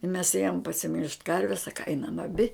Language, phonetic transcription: Lithuanian, mes ˈėjom pasiˈmilžt ˈkarves ˈsaka ˈainam aˈbi

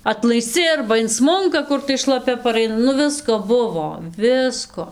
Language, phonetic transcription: Lithuanian, atlaisˈci arba inˈsmunka ˈkur tai šlaˈpia paˈraina nu ˈvisko ˈbuvo ˈvisko

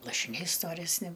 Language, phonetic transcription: Lithuanian, lašiˈniai storesˈni

